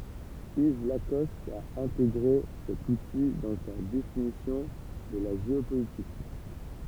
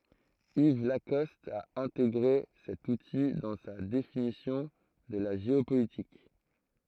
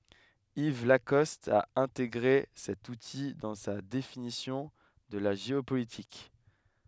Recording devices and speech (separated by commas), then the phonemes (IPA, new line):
temple vibration pickup, throat microphone, headset microphone, read sentence
iv lakɔst a ɛ̃teɡʁe sɛt uti dɑ̃ sa definisjɔ̃ də la ʒeopolitik